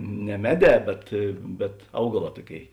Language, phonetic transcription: Lithuanian, ne ˈmeˌdē ˈbet bet ˈaugaˌlā ˈtuoˌkėi

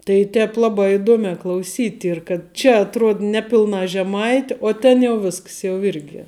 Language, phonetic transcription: Lithuanian, tai ˈtēp ˈlabā iˈduomē klauˈsyt' ˈyr kad ˈčia atˈruod ˈneˌpilna žeˈmaiti uo ˈten jau ˈvisks jau ˈirgi

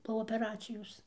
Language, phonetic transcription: Lithuanian, po opeˈracijos

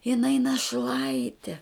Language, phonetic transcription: Lithuanian, jiˈnai naˈšlaiti

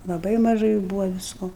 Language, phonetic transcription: Lithuanian, laˈbai maˈžai ˈbūva visˈko

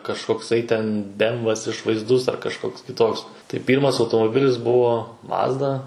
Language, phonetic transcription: Lithuanian, kažkokˈsai ten ˈbemvas išvaizˈdus ar kažˈkoks kiˈtoks tai ˈpyrmas automoˈbilis ˈbuvo ˈmazda

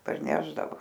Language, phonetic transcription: Lithuanian, parˈnešdavo

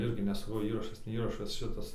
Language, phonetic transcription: Lithuanian, ˈirgi ne saˈkau ˈįrašas ne ˈįrašas ˈšitas

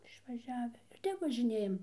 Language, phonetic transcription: Lithuanian, išvaˈžiavi ir ˈtep važiˈnėjam

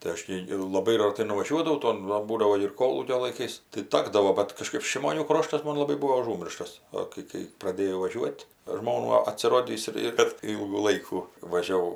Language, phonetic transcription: Lithuanian, tai ˈaš tį ir laˈbai raˈtai nuvaˈžiuodavau ˈton ˈva ˈbūdavo ir ˈkolūkio laiˈkais tai ˈtakdavo bet kaˈžkaip šimoˈnių ˈkroštas ˈmon laˈbai ˈbūvo aˈžūmirštas ˈo kai kai praˈdėjau vaˈžiuot' ˈžmonų atsiˈrodįs ir ir bet ˈylgų ˈlaikų važiaˈvau

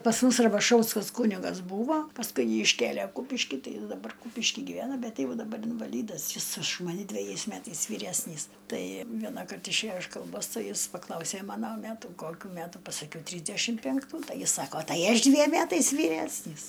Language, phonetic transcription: Lithuanian, pas ˈmus rabaˈšauskas ˈkūnigas ˈbūvo pasˈkui ˈjį išˈkėlė ˈkūpiški ˈtai ˈjis daˈbar ˈkūpiški gyˈvena ˈbet ˈjau daˈbar invaˈlydas jis už maˈne dveˈjais ˈmætais vyˈræsnys ˈtai ˈvienąkart išˈėjo iš kalˈbos ˈtai ˈjis paˈklausė ˈmano ˈmætų ˈkokių ˈmætų pasaˈkiau ˈtrysdæšim pænkˈtų ˈtai ˈjis ˈsako ˈtai ˈaš ˈdviem ˈmætais vyˈresnys

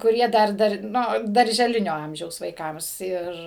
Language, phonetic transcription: Lithuanian, kuˈrie ˈdar ˈdar ˈnu daržeˈlinio ˈamžiaus vaiˈkams ˈir

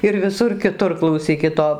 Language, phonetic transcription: Lithuanian, ir viˈsur kiˈtur klauˈsykit ˈo

